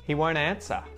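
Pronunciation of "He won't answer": In 'won't', the T is muted.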